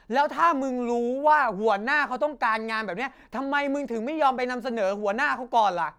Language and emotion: Thai, angry